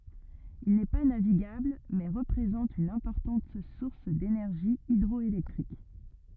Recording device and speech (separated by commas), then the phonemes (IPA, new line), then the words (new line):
rigid in-ear microphone, read sentence
il nɛ pa naviɡabl mɛ ʁəpʁezɑ̃t yn ɛ̃pɔʁtɑ̃t suʁs denɛʁʒi idʁɔelɛktʁik
Il n'est pas navigable mais représente une importante source d'énergie hydroélectrique.